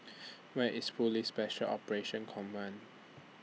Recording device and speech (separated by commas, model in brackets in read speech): mobile phone (iPhone 6), read sentence